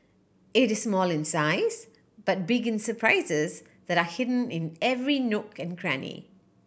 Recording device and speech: boundary microphone (BM630), read sentence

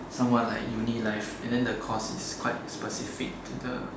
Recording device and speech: standing microphone, conversation in separate rooms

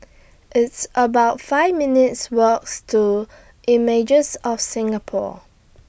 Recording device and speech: boundary microphone (BM630), read sentence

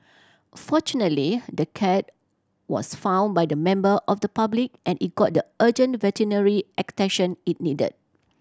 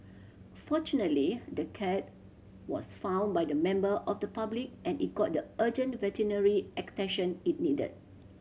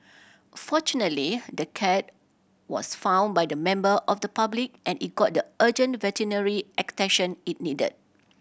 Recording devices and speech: standing microphone (AKG C214), mobile phone (Samsung C7100), boundary microphone (BM630), read sentence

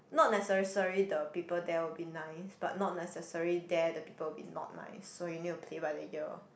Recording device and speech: boundary microphone, conversation in the same room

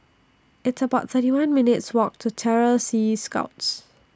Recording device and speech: standing microphone (AKG C214), read sentence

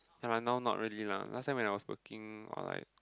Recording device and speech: close-talking microphone, conversation in the same room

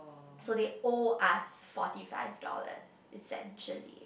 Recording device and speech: boundary microphone, conversation in the same room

